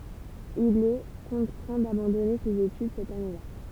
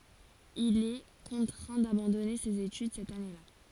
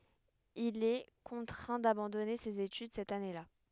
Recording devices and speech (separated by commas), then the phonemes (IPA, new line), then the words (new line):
temple vibration pickup, forehead accelerometer, headset microphone, read sentence
il ɛ kɔ̃tʁɛ̃ dabɑ̃dɔne sez etyd sɛt aneəla
Il est contraint d'abandonner ses études cette année-là.